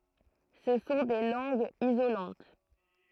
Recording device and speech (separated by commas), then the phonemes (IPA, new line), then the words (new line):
throat microphone, read sentence
sə sɔ̃ de lɑ̃ɡz izolɑ̃t
Ce sont des langues isolantes.